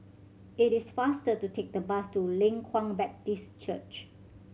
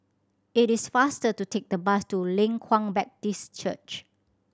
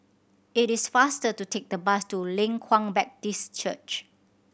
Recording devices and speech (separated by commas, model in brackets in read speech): mobile phone (Samsung C7100), standing microphone (AKG C214), boundary microphone (BM630), read sentence